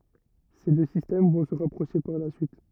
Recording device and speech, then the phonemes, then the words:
rigid in-ear microphone, read sentence
se dø sistɛm vɔ̃ sə ʁapʁoʃe paʁ la syit
Ces deux systèmes vont se rapprocher par la suite.

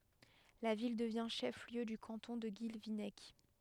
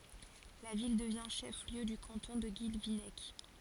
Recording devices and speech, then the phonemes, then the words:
headset microphone, forehead accelerometer, read sentence
la vil dəvjɛ̃ ʃɛf ljø dy kɑ̃tɔ̃ də ɡilvinɛk
La ville devient chef-lieu du canton de Guilvinec.

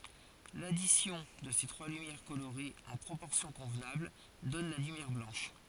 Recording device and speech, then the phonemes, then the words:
forehead accelerometer, read sentence
ladisjɔ̃ də se tʁwa lymjɛʁ koloʁez ɑ̃ pʁopɔʁsjɔ̃ kɔ̃vnabl dɔn la lymjɛʁ blɑ̃ʃ
L'addition de ces trois lumières colorées en proportions convenables donne la lumière blanche.

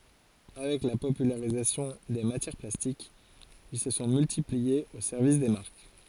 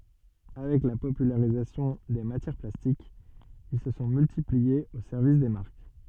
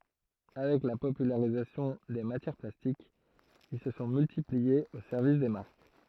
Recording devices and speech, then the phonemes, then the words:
forehead accelerometer, soft in-ear microphone, throat microphone, read sentence
avɛk la popylaʁizasjɔ̃ de matjɛʁ plastikz il sə sɔ̃ myltipliez o sɛʁvis de maʁk
Avec la popularisation des matières plastiques, ils se sont multipliés au service des marques.

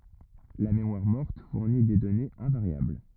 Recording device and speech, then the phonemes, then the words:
rigid in-ear microphone, read sentence
la memwaʁ mɔʁt fuʁni de dɔnez ɛ̃vaʁjabl
La mémoire morte fournit des données invariables.

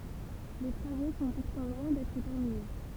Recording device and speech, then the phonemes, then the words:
temple vibration pickup, read sentence
le tʁavo sɔ̃ puʁtɑ̃ lwɛ̃ dɛtʁ tɛʁmine
Les travaux sont pourtant loin d'être terminés.

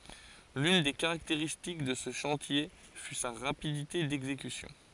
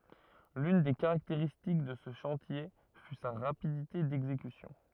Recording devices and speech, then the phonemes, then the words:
forehead accelerometer, rigid in-ear microphone, read sentence
lyn de kaʁakteʁistik də sə ʃɑ̃tje fy sa ʁapidite dɛɡzekysjɔ̃
L'une des caractéristiques de ce chantier fut sa rapidité d'exécution.

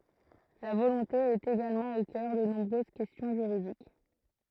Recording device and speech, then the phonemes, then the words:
throat microphone, read sentence
la volɔ̃te ɛt eɡalmɑ̃ o kœʁ də nɔ̃bʁøz kɛstjɔ̃ ʒyʁidik
La volonté est également au cœur de nombreuses questions juridiques.

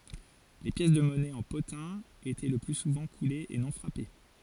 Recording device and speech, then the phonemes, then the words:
forehead accelerometer, read sentence
le pjɛs də mɔnɛ ɑ̃ potɛ̃ etɛ lə ply suvɑ̃ kulez e nɔ̃ fʁape
Les pièces de monnaie en potin étaient le plus souvent coulées et non frappées.

